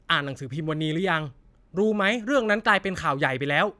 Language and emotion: Thai, frustrated